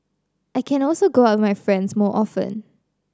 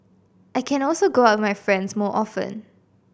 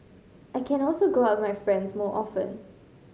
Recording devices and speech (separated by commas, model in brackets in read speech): standing microphone (AKG C214), boundary microphone (BM630), mobile phone (Samsung C5010), read sentence